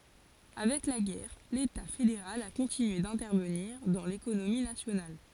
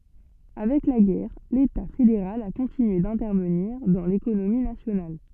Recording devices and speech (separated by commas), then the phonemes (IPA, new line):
forehead accelerometer, soft in-ear microphone, read sentence
avɛk la ɡɛʁ leta fedeʁal a kɔ̃tinye dɛ̃tɛʁvəniʁ dɑ̃ lekonomi nasjonal